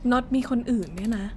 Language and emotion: Thai, sad